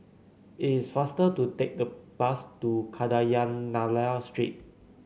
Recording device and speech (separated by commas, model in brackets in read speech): mobile phone (Samsung C9), read sentence